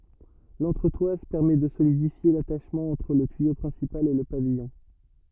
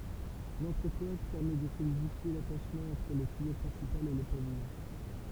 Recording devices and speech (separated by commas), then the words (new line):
rigid in-ear microphone, temple vibration pickup, read sentence
L'entretoise permet de solidifier l'attachement entre le tuyau principal et le pavillon.